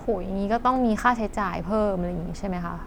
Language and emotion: Thai, frustrated